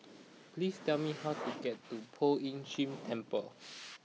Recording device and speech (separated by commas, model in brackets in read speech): mobile phone (iPhone 6), read sentence